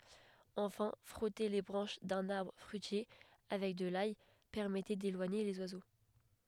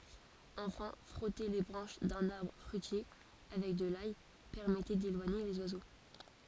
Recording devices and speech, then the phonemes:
headset microphone, forehead accelerometer, read sentence
ɑ̃fɛ̃ fʁɔte le bʁɑ̃ʃ dœ̃n aʁbʁ fʁyitje avɛk də laj pɛʁmɛtɛ delwaɲe lez wazo

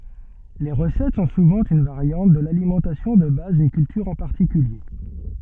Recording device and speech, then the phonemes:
soft in-ear microphone, read sentence
le ʁəsɛt sɔ̃ suvɑ̃ yn vaʁjɑ̃t də lalimɑ̃tasjɔ̃ də baz dyn kyltyʁ ɑ̃ paʁtikylje

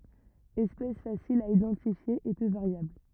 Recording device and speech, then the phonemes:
rigid in-ear microphone, read sentence
ɛspɛs fasil a idɑ̃tifje e pø vaʁjabl

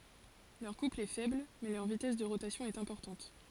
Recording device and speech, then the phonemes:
forehead accelerometer, read sentence
lœʁ kupl ɛ fɛbl mɛ lœʁ vitɛs də ʁotasjɔ̃ ɛt ɛ̃pɔʁtɑ̃t

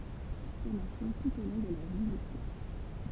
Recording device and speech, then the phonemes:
temple vibration pickup, read sentence
fɔʁmasjɔ̃ tut o lɔ̃ də la vjəlise

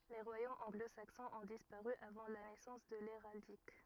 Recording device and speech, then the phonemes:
rigid in-ear microphone, read sentence
le ʁwajomz ɑ̃ɡlozaksɔ̃z ɔ̃ dispaʁy avɑ̃ la nɛsɑ̃s də leʁaldik

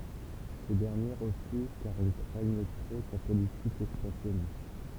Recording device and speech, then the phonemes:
temple vibration pickup, read sentence
se dɛʁnje ʁəfyz kaʁ il kʁɛɲ tʁo sa politik ɛkspɑ̃sjɔnist

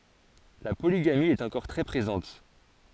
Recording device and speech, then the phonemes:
forehead accelerometer, read sentence
la poliɡami ɛt ɑ̃kɔʁ tʁɛ pʁezɑ̃t

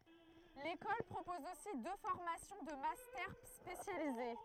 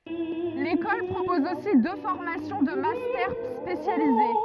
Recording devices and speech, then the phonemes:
throat microphone, rigid in-ear microphone, read sentence
lekɔl pʁopɔz osi dø fɔʁmasjɔ̃ də mastɛʁ spesjalize

